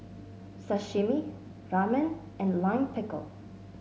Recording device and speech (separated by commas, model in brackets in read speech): mobile phone (Samsung S8), read sentence